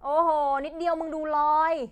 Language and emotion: Thai, frustrated